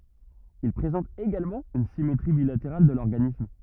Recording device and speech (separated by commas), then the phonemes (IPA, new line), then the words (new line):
rigid in-ear microphone, read sentence
il pʁezɑ̃tt eɡalmɑ̃ yn simetʁi bilateʁal də lɔʁɡanism
Ils présentent également une symétrie bilatérale de l'organisme.